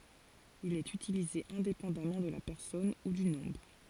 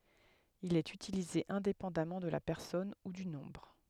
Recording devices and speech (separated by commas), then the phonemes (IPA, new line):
forehead accelerometer, headset microphone, read sentence
il ɛt ytilize ɛ̃depɑ̃damɑ̃ də la pɛʁsɔn u dy nɔ̃bʁ